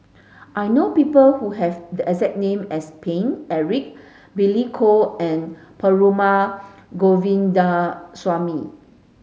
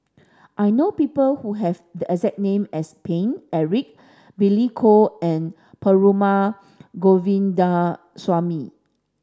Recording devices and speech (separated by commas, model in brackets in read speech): mobile phone (Samsung S8), standing microphone (AKG C214), read sentence